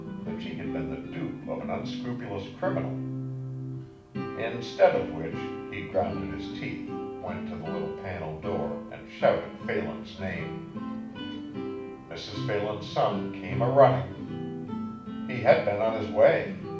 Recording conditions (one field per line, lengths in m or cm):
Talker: one person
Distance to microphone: 5.8 m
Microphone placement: far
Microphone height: 1.8 m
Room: medium-sized (5.7 m by 4.0 m)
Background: music